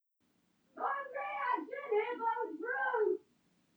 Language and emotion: English, angry